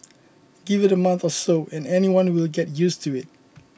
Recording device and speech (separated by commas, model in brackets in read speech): boundary microphone (BM630), read sentence